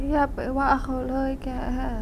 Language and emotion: Thai, sad